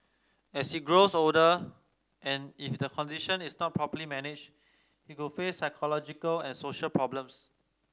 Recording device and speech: standing microphone (AKG C214), read sentence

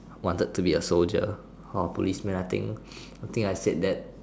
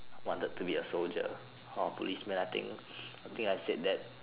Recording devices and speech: standing microphone, telephone, conversation in separate rooms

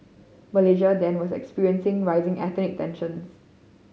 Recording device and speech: mobile phone (Samsung C5010), read sentence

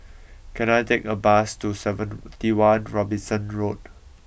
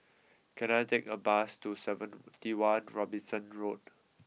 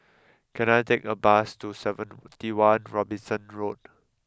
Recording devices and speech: boundary microphone (BM630), mobile phone (iPhone 6), close-talking microphone (WH20), read sentence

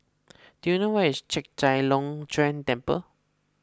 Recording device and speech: close-talking microphone (WH20), read sentence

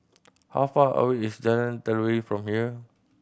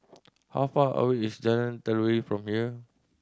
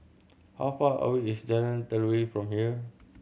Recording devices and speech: boundary microphone (BM630), standing microphone (AKG C214), mobile phone (Samsung C7100), read sentence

